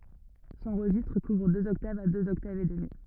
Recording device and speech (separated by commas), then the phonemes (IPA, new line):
rigid in-ear microphone, read sentence
sɔ̃ ʁəʒistʁ kuvʁ døz ɔktavz a døz ɔktavz e dəmi